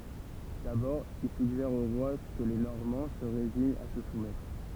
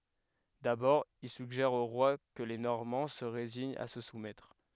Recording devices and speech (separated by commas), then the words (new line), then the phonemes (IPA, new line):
temple vibration pickup, headset microphone, read sentence
D'abord, il suggère au roi que les Normands se résignent à se soumettre.
dabɔʁ il syɡʒɛʁ o ʁwa kə le nɔʁmɑ̃ sə ʁeziɲt a sə sumɛtʁ